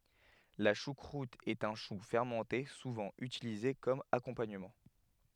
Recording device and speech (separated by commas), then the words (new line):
headset microphone, read sentence
La choucroute est un chou fermenté souvent utilisé comme accompagnement.